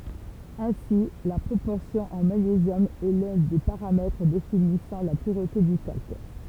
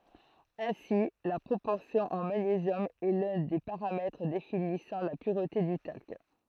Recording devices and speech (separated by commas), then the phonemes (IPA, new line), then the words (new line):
temple vibration pickup, throat microphone, read sentence
ɛ̃si la pʁopɔʁsjɔ̃ ɑ̃ maɲezjɔm ɛ lœ̃ de paʁamɛtʁ definisɑ̃ la pyʁte dy talk
Ainsi, la proportion en magnésium est l'un des paramètres définissant la pureté du talc.